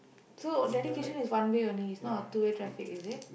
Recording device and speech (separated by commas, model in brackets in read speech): boundary microphone, conversation in the same room